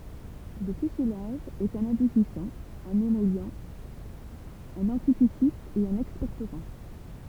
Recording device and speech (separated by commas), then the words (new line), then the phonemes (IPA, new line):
temple vibration pickup, read sentence
Le tussilage est un adoucissant, un émollient, un anti-tussif et un expectorant.
lə tysilaʒ ɛt œ̃n adusisɑ̃ œ̃n emɔli œ̃n ɑ̃titysif e œ̃n ɛkspɛktoʁɑ̃